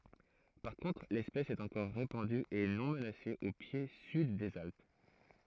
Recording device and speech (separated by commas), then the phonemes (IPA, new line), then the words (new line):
throat microphone, read sentence
paʁ kɔ̃tʁ lɛspɛs ɛt ɑ̃kɔʁ ʁepɑ̃dy e nɔ̃ mənase o pje syd dez alp
Par contre l’espèce est encore répandue et non menacée au pied sud des Alpes.